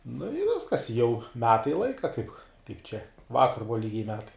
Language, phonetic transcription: Lithuanian, nu i ˈviskas i jau ˈmetai ˈlaika kaip ˈčia ˈvakar ˈbuva ˈlygiai ˈmetai

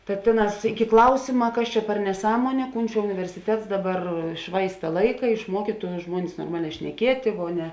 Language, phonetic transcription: Lithuanian, ta ˈtėˌnās ˈiki ˈklausima ˈkas čia per neˈsąmuonė ˈkūn čia universiˈtets ˈdaˌbar ˈšvaista ˈlaika išˈmuokytu ˈžmuonis norˈmaˌlē šneˈkietė ˈvo ˈne

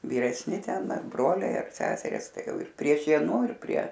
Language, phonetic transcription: Lithuanian, vyresˈni ˈten ar ˈbroliai ar ˈseseris ˈtai ˈjau ir prie ˈšienu ir prie

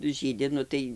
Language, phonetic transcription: Lithuanian, ˈžydi ˈnu tai

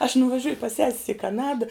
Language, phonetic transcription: Lithuanian, aš nuvaˈžiuju pas ˈses's i kaˈnada

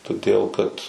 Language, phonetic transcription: Lithuanian, toˈdėl kad

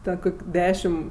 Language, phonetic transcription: Lithuanian, ˈten ˈkok' ˈdešim

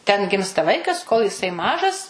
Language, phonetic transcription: Lithuanian, ten ˈgimsta ˈvaikas kol jiˈsai ˈmažas

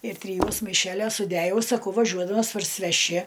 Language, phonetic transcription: Lithuanian, ir triˈjuos maiˈšelios suˈdæjau saˈkau vaˈžiuodamas parsiveˈši

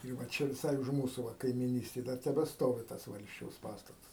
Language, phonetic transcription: Lithuanian, ir va ˈčia viˈsai už ˈmūsu va kaimyˈnystėj ˈdar tebeˈstovi ˈtas ˈvalsčiaus ˈpastatas

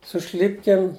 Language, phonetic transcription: Lithuanian, su ˈšlipkėm

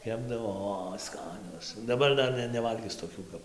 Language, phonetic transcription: Lithuanian, ˈkepdavo o ˈskanios daˈbar ˈdar ne neˈvalgis toˈkių kap

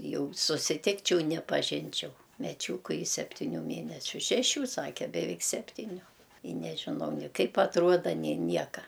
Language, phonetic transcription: Lithuanian, ˈjau susiˈtikčiau nepaˈžinčiau meˈčiūku i septiˈnių ˈmėnesiu šeˈšių ˈsake beˈveik ˈseptyniu i nežiˈnau ni ˈkaip atˈruoda nė ˈnieka

